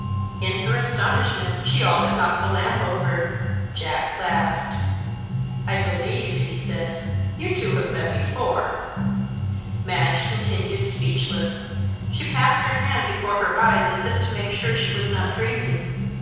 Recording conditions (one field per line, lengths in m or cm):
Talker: one person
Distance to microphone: 7.1 m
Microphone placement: far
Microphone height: 1.7 m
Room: very reverberant, large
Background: music